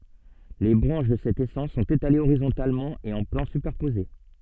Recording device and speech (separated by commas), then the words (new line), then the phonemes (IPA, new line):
soft in-ear microphone, read sentence
Les branches de cette essence sont étalées horizontalement et en plans superposés.
le bʁɑ̃ʃ də sɛt esɑ̃s sɔ̃t etalez oʁizɔ̃talmɑ̃ e ɑ̃ plɑ̃ sypɛʁpoze